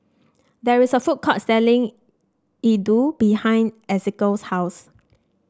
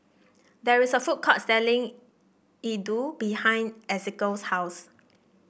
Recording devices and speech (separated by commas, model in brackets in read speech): standing microphone (AKG C214), boundary microphone (BM630), read sentence